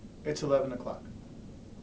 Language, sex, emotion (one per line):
English
male
neutral